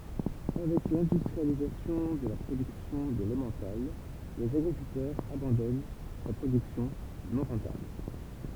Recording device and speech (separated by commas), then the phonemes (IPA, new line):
temple vibration pickup, read sentence
avɛk lɛ̃dystʁializasjɔ̃ də la pʁodyksjɔ̃ də lɑ̃mɑ̃tal lez aɡʁikyltœʁz abɑ̃dɔn sa pʁodyksjɔ̃ nɔ̃ ʁɑ̃tabl